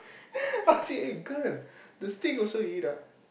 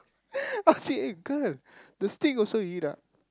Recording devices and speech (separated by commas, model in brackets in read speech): boundary microphone, close-talking microphone, conversation in the same room